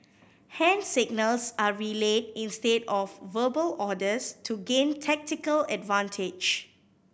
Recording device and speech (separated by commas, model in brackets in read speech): boundary microphone (BM630), read sentence